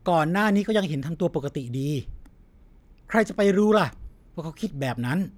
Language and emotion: Thai, neutral